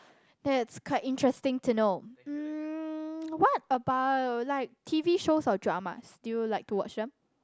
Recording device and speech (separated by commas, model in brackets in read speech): close-talking microphone, conversation in the same room